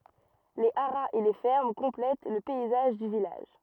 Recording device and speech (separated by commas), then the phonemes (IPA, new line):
rigid in-ear microphone, read sentence
le aʁaz e le fɛʁm kɔ̃plɛt lə pɛizaʒ dy vilaʒ